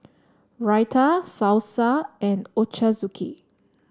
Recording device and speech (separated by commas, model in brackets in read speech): standing microphone (AKG C214), read sentence